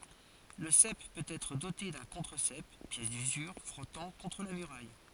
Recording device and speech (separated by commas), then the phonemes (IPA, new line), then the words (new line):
forehead accelerometer, read sentence
lə sɛp pøt ɛtʁ dote dœ̃ kɔ̃tʁəzɛp pjɛs dyzyʁ fʁɔtɑ̃ kɔ̃tʁ la myʁaj
Le sep peut être doté d'un contre-sep, pièce d'usure frottant contre la muraille.